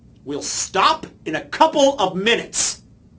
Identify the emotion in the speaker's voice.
angry